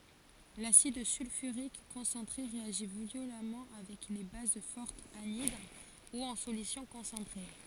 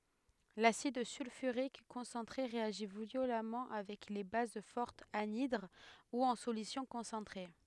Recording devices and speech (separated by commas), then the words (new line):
forehead accelerometer, headset microphone, read sentence
L'acide sulfurique concentré réagit violemment avec les bases fortes anhydres ou en solutions concentrées.